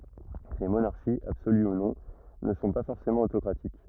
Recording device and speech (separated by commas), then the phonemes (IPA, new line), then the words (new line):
rigid in-ear microphone, read sentence
le monaʁʃiz absoly u nɔ̃ nə sɔ̃ pa fɔʁsemɑ̃ otokʁatik
Les monarchies, absolues ou non, ne sont pas forcément autocratiques.